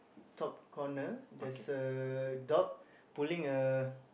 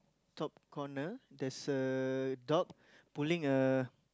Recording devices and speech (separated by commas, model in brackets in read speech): boundary microphone, close-talking microphone, conversation in the same room